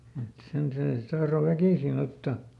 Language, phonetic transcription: Finnish, et ˈsen ˈsee sⁱt ˈtahro "väkìsiˈn ‿otta .
- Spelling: et sen se sitten tahtoi väkisin ottaa

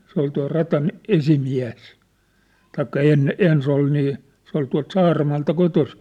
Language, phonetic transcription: Finnish, se ‿ol tua̭r 'rat̳an , "esi'miä̭s , 'taikka 'enne- , "ens ‿ol nii , sĕ ‿ol tua̭lt 'Saaramaalta 'kotosi .
- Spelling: se oli tuon radan esimies tai - ensin oli niin se oli tuolta Saaramaalta kotoisin

